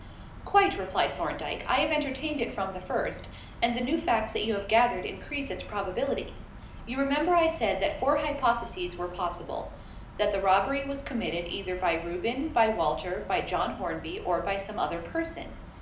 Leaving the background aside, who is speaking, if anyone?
One person.